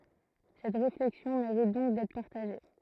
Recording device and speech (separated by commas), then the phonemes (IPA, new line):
throat microphone, read sentence
sɛt ʁeflɛksjɔ̃ meʁit dɔ̃k dɛtʁ paʁtaʒe